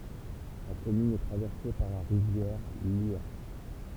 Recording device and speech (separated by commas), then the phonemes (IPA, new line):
temple vibration pickup, read sentence
la kɔmyn ɛ tʁavɛʁse paʁ la ʁivjɛʁ ljɛʁ